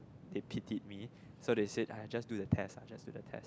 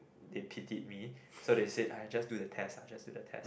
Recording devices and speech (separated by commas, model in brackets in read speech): close-talking microphone, boundary microphone, conversation in the same room